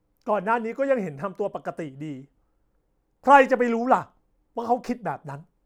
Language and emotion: Thai, angry